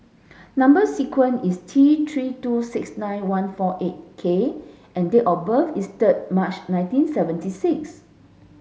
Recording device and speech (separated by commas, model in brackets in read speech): mobile phone (Samsung S8), read sentence